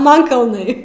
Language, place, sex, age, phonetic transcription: Lithuanian, Aukštaitija, female, 18-60, ˈman kalˈnai

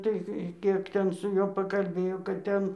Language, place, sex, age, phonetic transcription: Lithuanian, Dzūkija, female, 60+, ˈtai ˈkiek ten su ˈjuo pakalˈbėjo kad ˈten

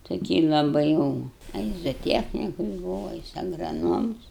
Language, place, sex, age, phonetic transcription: Lithuanian, Aukštaitija, female, 60+, toˈkį laˈbai jau a ˈjis zoˈtiechnikus ˈbūva a ˈjis agraˈnoms

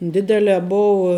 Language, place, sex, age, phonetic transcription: Lithuanian, Žemaitija, female, 18-60, ˈdidelē ˈboua

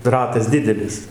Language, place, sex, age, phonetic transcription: Lithuanian, Dzūkija, male, 60+, ˈratas ˈdidelis

